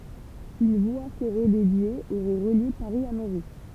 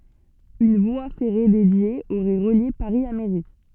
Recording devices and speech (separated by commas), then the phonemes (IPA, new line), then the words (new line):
temple vibration pickup, soft in-ear microphone, read sentence
yn vwa fɛʁe dedje oʁɛ ʁəlje paʁi a meʁi
Une voie ferrée dédiée aurait relié Paris à Méry.